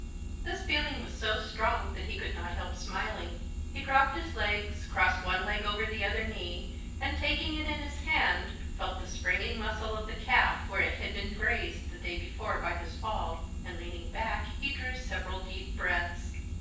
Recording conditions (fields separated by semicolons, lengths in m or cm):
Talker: one person; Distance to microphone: 9.8 m; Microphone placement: far; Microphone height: 1.8 m; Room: large; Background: none